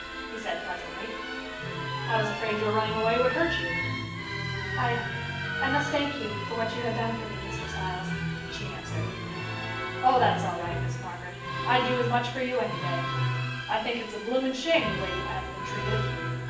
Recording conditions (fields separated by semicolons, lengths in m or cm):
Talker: one person; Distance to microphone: 9.8 m; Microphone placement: far; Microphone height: 1.8 m; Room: large; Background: music